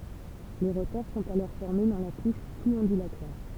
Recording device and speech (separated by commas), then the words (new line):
temple vibration pickup, read sentence
Les rotors sont alors formés dans la couche sous-ondulatoire.